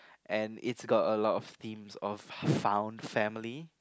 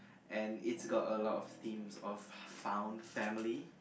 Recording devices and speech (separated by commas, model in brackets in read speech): close-talking microphone, boundary microphone, conversation in the same room